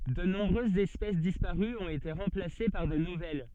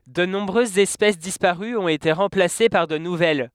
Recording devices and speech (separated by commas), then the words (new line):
soft in-ear microphone, headset microphone, read sentence
De nombreuses espèces disparues ont été remplacées par de nouvelles.